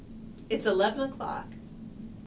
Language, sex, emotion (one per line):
English
female
neutral